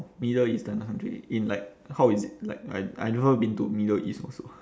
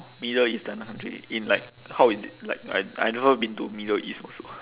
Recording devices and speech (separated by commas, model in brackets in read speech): standing microphone, telephone, conversation in separate rooms